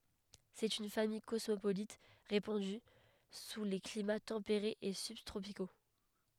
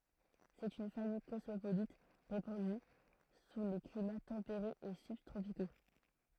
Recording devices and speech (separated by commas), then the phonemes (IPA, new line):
headset microphone, throat microphone, read sentence
sɛt yn famij kɔsmopolit ʁepɑ̃dy su le klima tɑ̃peʁez e sybtʁopiko